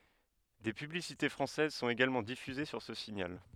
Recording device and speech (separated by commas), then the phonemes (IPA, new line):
headset microphone, read sentence
de pyblisite fʁɑ̃sɛz sɔ̃t eɡalmɑ̃ difyze syʁ sə siɲal